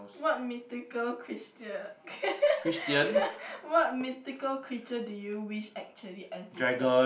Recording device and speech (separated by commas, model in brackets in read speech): boundary microphone, conversation in the same room